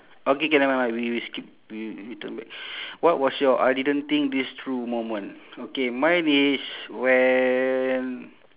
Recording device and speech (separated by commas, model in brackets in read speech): telephone, conversation in separate rooms